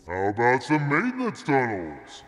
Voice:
ominous voice